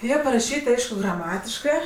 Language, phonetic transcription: Lithuanian, ˈjie paraˈšyt' ˈaišku graˈmatiškɜ

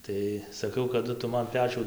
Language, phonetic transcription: Lithuanian, ˈtai saˈkau kaˈdu ˈtu ˈman ˈpečių

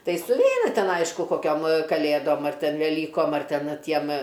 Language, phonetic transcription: Lithuanian, ˈtai suˈveina ˈten ˈaišku koˈkiom va kaˈlėdom ar ˈten veˈlykom ar ˈten ˈtiem

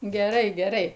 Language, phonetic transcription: Lithuanian, geˈrai geˈrai

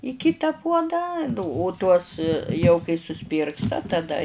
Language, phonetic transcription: Lithuanian, i ˈkita ˈpuodą nu o tuos jau kai suˈsuspyrgsta taˈda

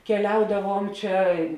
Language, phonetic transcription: Lithuanian, keˈliaudavuom ˈčia

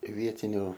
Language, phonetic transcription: Lithuanian, i ˈvietiniu

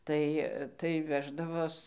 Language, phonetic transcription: Lithuanian, ˈtai tai ˈveždavos

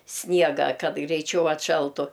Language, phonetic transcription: Lithuanian, ˈsniegą ˈkad greiˈčiau atˈšaltu

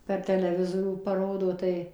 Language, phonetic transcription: Lithuanian, per teleˈvizorių paˈrodo ˈtai

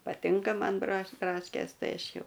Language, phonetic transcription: Lithuanian, paˈtinka ˈman braš ˈbraškės ˈtai ˈaš ˈjau

